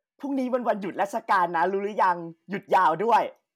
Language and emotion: Thai, happy